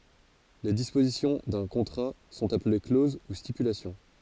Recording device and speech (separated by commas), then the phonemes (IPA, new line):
forehead accelerometer, read sentence
le dispozisjɔ̃ dœ̃ kɔ̃tʁa sɔ̃t aple kloz u stipylasjɔ̃